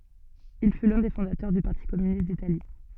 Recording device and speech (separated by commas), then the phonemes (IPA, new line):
soft in-ear microphone, read sentence
il fy lœ̃ de fɔ̃datœʁ dy paʁti kɔmynist ditali